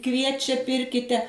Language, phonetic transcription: Lithuanian, ˈkviečia ˈpirkite

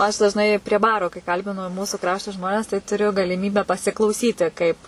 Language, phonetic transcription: Lithuanian, aš dažˈnai prie ˈbaro kai ˈkalbinu ˈmūsų ˈkrašto ˈžmones tai tuˈriu galiˈmybę pasiklauˈsyti ˈkaip

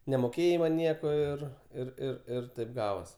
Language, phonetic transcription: Lithuanian, nemoˈkėjai man ˈnieko ˈir ir ˈir ir ˈtaip ˈgavos

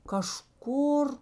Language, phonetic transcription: Lithuanian, kaˈžkur

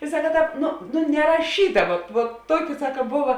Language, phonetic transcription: Lithuanian, i ˈsaka ˈtāp ˈnu nu neraˈšyta vat vuot ˈtuoki ˈsaka ˈbuva

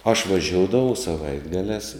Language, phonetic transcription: Lithuanian, aš vaˈžioudavau saˈvaitgaliās

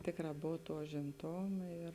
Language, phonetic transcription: Lithuanian, ˈtėkˌrā ˈbov ˈtuo užimˈtoma ir

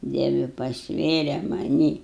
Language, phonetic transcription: Lithuanian, ˈdievi pasˈvėre maˈnį

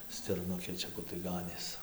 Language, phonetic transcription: Lithuanian, stirˈnukė ˈčia ˈkur tai ˈganės

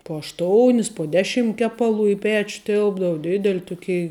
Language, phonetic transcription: Lithuanian, po ašˈtounis po ˈdeˌšim ˈkepaˌlų i ˈpeč ˈtilpdavu ˈdideli ˈtuˌkei

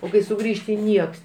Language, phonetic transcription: Lithuanian, o ˈkai suˈgrįžti ˈnieks

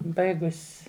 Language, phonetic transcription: Lithuanian, ˈbaigus'

